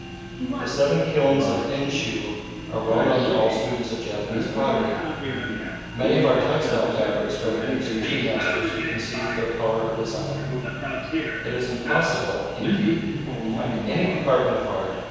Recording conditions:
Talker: one person; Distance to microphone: 7.1 m; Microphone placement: far; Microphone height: 1.7 m; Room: very reverberant, large; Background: television

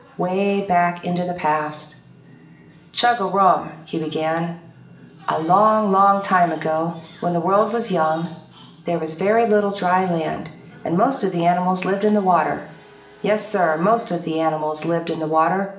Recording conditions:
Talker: one person; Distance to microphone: 1.8 m; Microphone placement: close; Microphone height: 1.0 m; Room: large; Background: television

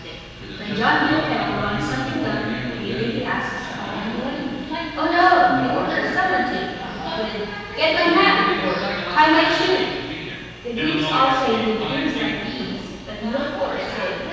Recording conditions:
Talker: one person; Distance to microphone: 7.1 m; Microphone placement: far; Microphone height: 1.7 m; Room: very reverberant, large; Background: television

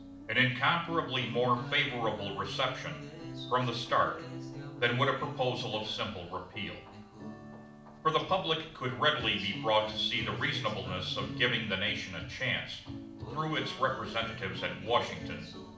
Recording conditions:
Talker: one person; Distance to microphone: 2.0 m; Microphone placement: close; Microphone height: 99 cm; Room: medium-sized (5.7 m by 4.0 m); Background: music

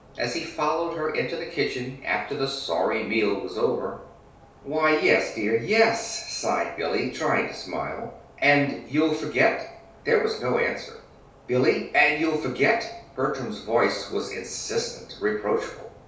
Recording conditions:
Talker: one person; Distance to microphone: 3.0 m; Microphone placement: far; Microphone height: 1.8 m; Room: small (3.7 m by 2.7 m); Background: none

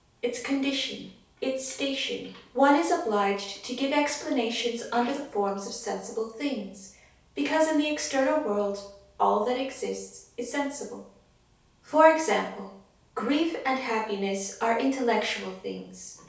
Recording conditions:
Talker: one person; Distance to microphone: 3.0 m; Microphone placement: far; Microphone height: 1.8 m; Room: small (3.7 m by 2.7 m); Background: television

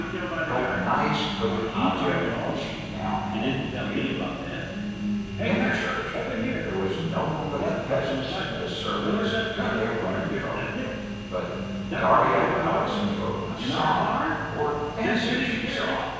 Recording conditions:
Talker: one person; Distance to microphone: 7.1 m; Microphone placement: far; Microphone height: 1.7 m; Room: very reverberant, large; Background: television

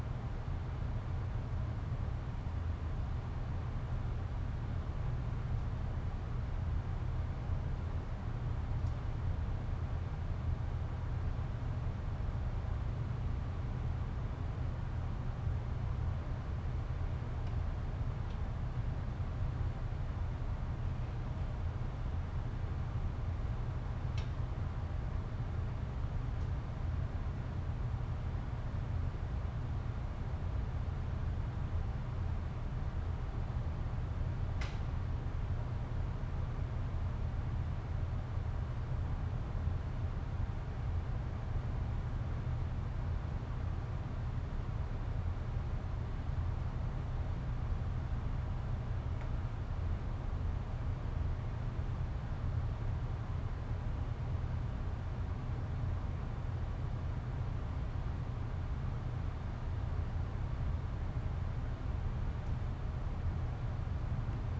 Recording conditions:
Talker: no one; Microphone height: 1.8 m; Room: medium-sized (5.7 m by 4.0 m); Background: none

